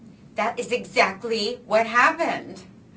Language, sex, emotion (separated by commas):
English, female, disgusted